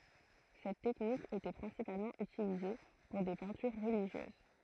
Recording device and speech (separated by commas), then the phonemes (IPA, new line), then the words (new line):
throat microphone, read sentence
sɛt tɛknik etɛ pʁɛ̃sipalmɑ̃ ytilize puʁ de pɛ̃tyʁ ʁəliʒjøz
Cette technique était principalement utilisée pour des peintures religieuses.